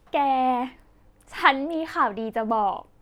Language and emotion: Thai, happy